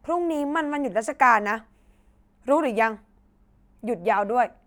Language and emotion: Thai, angry